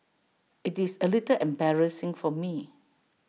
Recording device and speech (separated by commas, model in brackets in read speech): mobile phone (iPhone 6), read sentence